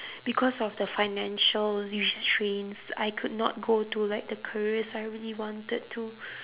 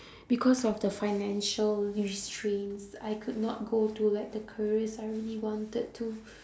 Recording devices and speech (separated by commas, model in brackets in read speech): telephone, standing microphone, conversation in separate rooms